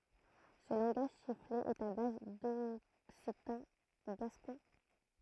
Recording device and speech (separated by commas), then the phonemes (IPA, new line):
throat microphone, read sentence
sə lɑ̃ɡaʒ sifle ɛt a baz dɔksitɑ̃ ɡaskɔ̃